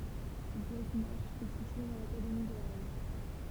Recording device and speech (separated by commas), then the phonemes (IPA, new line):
temple vibration pickup, read sentence
ɡwɛsnak ɛ sitye dɑ̃ lakademi də ʁɛn